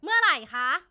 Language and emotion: Thai, angry